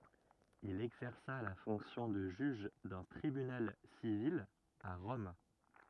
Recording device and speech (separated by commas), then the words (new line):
rigid in-ear microphone, read sentence
Il exerça la fonction de juge d'un tribunal civil à Rome.